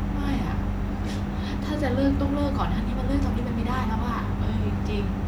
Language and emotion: Thai, frustrated